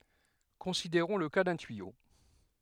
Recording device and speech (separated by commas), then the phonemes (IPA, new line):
headset microphone, read sentence
kɔ̃sideʁɔ̃ lə ka dœ̃ tyijo